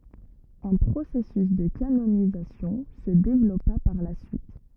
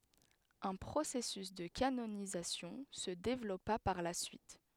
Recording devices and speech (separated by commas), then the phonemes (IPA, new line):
rigid in-ear microphone, headset microphone, read sentence
œ̃ pʁosɛsys də kanonizasjɔ̃ sə devlɔpa paʁ la syit